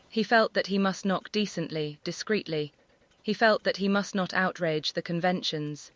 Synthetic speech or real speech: synthetic